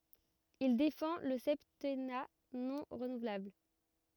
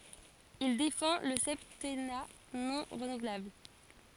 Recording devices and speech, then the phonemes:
rigid in-ear microphone, forehead accelerometer, read sentence
il defɑ̃ lə sɛptɛna nɔ̃ ʁənuvlabl

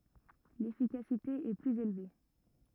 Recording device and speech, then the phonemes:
rigid in-ear microphone, read sentence
lefikasite ɛ plyz elve

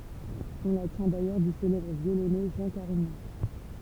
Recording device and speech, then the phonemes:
temple vibration pickup, read sentence
ɔ̃ la tjɛ̃ dajœʁ dy selɛbʁ vjolonø ʒɑ̃ kaʁiɲɑ̃

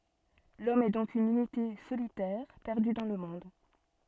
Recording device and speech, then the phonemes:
soft in-ear microphone, read sentence
lɔm ɛ dɔ̃k yn ynite solitɛʁ pɛʁdy dɑ̃ lə mɔ̃d

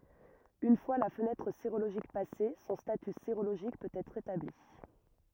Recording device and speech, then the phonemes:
rigid in-ear microphone, read sentence
yn fwa la fənɛtʁ seʁoloʒik pase sɔ̃ staty seʁoloʒik pøt ɛtʁ etabli

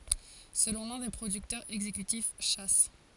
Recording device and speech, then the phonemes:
forehead accelerometer, read sentence
səlɔ̃ lœ̃ de pʁodyktœʁz ɛɡzekytif ʃa

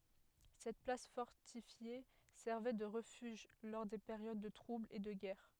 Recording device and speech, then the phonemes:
headset microphone, read sentence
sɛt plas fɔʁtifje sɛʁvɛ də ʁəfyʒ lɔʁ de peʁjod də tʁublz e də ɡɛʁ

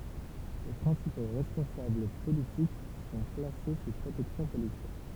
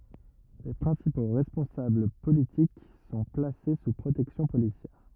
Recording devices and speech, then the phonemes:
temple vibration pickup, rigid in-ear microphone, read sentence
le pʁɛ̃sipo ʁɛspɔ̃sabl politik sɔ̃ plase su pʁotɛksjɔ̃ polisjɛʁ

